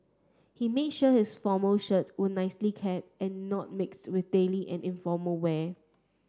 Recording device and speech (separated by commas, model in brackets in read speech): standing microphone (AKG C214), read sentence